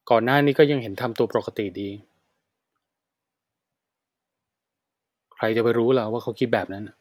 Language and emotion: Thai, frustrated